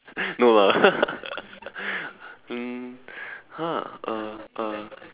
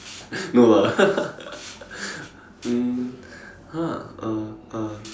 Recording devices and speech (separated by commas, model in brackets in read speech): telephone, standing microphone, conversation in separate rooms